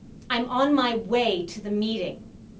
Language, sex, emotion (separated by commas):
English, female, angry